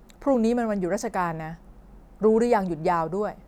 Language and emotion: Thai, frustrated